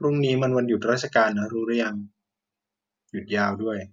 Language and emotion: Thai, neutral